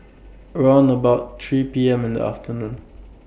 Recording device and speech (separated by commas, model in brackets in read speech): boundary microphone (BM630), read sentence